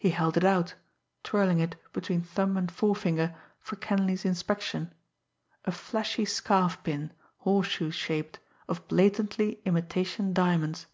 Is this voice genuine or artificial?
genuine